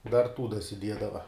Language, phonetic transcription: Lithuanian, dar ˈtų dasiˈdiedava

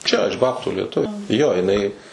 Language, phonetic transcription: Lithuanian, ˈčia iš ˈbabtų lieˈtuvė ˈjo jiˈnai

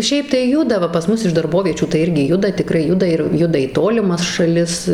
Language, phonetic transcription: Lithuanian, ˈšiaip tai ˈjuda ˈva pas ˈmus iš darˈboviečių tai ˈirgi ˈjuda tiˈkrai ˈjuda ir ˈjuda į ˈtolimas šaˈlis

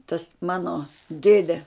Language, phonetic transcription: Lithuanian, tas ˈmano ˈdėde

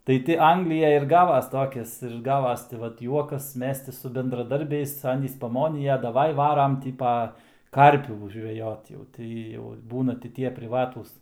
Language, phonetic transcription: Lithuanian, tai ˈti ˈanglijaj ir ˈgavas ˈtokis ir ˈgavas tai ˈvat ˈjuokas ˈmes ti su bendraˈdarbiais ˈanys ˈpamonija daˈvai ˈvaram ˈtį pa ˈkarpių žveˈjot jau ˈtai jau ˈbūna ti ˈtie priˈvatūs

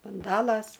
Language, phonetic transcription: Lithuanian, bunˈdalas

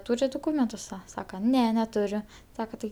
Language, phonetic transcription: Lithuanian, ˈtūrit duˈkūmentus ˈsa ˈsaka ˈne neˈturiu ˈsaka tai

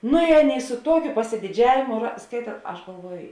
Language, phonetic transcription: Lithuanian, ˈnu i ˈaˌnėi su ˈtuokiu pasidiˈdžiavėmu ra ˈskaita ˈaš galˈvuoj

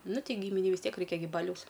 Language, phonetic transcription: Lithuanian, ˈnu ˈtei ˈgyminei vis ˈtiek ˈraikia gi ˈbaliaus

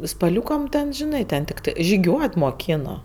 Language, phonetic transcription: Lithuanian, spaˈliūkam ten žiˈnai ten tikˈtai žiˈgiuot moˈkino

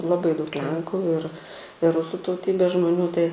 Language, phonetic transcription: Lithuanian, laˈbai daug ˈlenku ir i ˈrusu tauˈtybės žmoˈnių tai

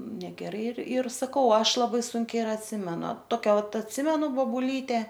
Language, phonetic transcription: Lithuanian, negeˈrai ir ir saˈkau ˈaš laˈbai ˈsunkiai ir atˈsimenu ˈtokia ˈvat atˈsimenu bobuˈlyte

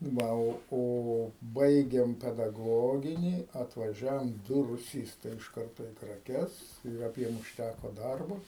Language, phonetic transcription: Lithuanian, ˈva o ˈo ˈbaigėm pedaˈgoginį atvaˈžiavom ˈdu ruˈsystai iš ˈkarto į kraˈkes ir aˈbiem užˈtæko ˈdarbo

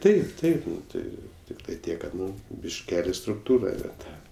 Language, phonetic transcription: Lithuanian, ˈtaip ˈtaip ˈtai ˈtiktai ˈtiek ˈkad ˈnu bišˈkeli strukˈtūra ne ˈta

